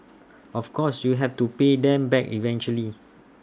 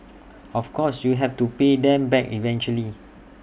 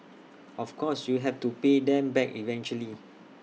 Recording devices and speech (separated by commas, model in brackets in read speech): standing microphone (AKG C214), boundary microphone (BM630), mobile phone (iPhone 6), read sentence